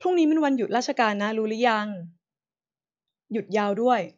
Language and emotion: Thai, neutral